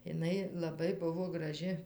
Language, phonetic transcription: Lithuanian, iˈnai laˈbai ˈbuvo graˈži

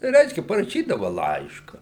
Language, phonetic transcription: Lithuanian, ˈreiškia paraˈšydava ˈlaiška

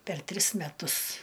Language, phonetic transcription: Lithuanian, per ˈtris meˈtus

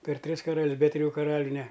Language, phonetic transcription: Lithuanian, per ˈtris karal's' be triˈjų kaˈraliu ne

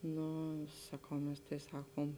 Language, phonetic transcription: Lithuanian, ˈnu saˈkau ˈmes tai ˈsakom

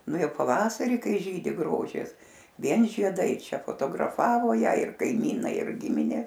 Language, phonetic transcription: Lithuanian, ˈnu ˈjau paˈvasarį ˈkai ˈžydi ˈgrožis ˈvien žieˈdai ˈčia fotograˈfavo ˈją ir kaiˈmynai ir ˈgiminė

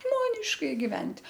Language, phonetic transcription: Lithuanian, ˈžmoniškai giˈvent'

